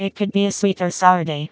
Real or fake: fake